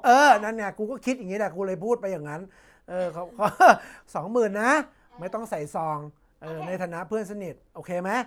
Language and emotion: Thai, happy